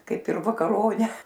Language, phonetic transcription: Lithuanian, ˈkaip ir vakaˈrone

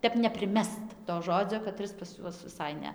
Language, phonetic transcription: Lithuanian, ˈtep nepriˈmest to ˈžodzio kaˈtris pas ˈjuos viˈsai ˈne

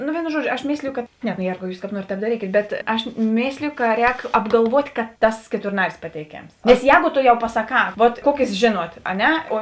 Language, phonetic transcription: Lithuanian, no ˈvėino ˈžuoˌdžio aš ˈmėsliju kad ˈne no ˈjėrgau ˈjūs kāp ˈnuorėt tēp daˈrykėt bet ˈaš ˈmėslėjo ka ˈrēk apgalˈvuot' ka ˈtas keturˈnaris pateiˈkėms nes ˈjēgo ˈto jau pasaˈkā ˈvuot ˈkuokės žėˈnuot a ˈne o

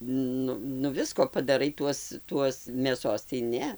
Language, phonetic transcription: Lithuanian, ˈnu nu ˈvisko padaˈrai ˈtuos ˈtuos mėˈsos tai ˈne

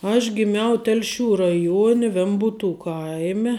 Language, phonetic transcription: Lithuanian, aš giˈmiau ˈtelˌšių raˈjuone ˈvembūtų ˈkaime

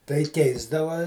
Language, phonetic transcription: Lithuanian, tai ˈkeisdava

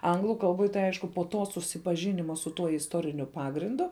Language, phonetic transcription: Lithuanian, ˈanglu kalˈboj tai ˈaišku po ˈto susipaˈžinima su ˈtuo isˈtoriniu ˈpagrindu

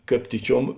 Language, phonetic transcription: Lithuanian, ˈkāp ˈtyˌčiuom

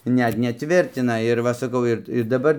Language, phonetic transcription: Lithuanian, ˈnet neˈtvirtina ir ˈva saˈkau ir i daˈbar

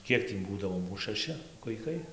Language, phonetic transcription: Lithuanian, ˈkiek tį ˈbūdavo ˈmūs šaˈši vaiˈkai

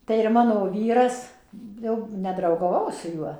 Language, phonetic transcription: Lithuanian, tai ir ˈmano ˈvyras ˈjau nedraugaˈvau ˈaš su ˈjuo

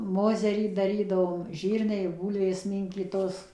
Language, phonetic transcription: Lithuanian, ˈmozerį daˈrydavom ˈžyrniai ˈbūlvės ˈmynkytos

